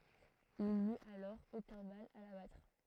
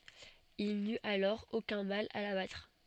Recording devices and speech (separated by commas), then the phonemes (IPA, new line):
throat microphone, soft in-ear microphone, read sentence
il nyt alɔʁ okœ̃ mal a la batʁ